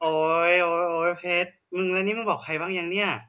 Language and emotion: Thai, frustrated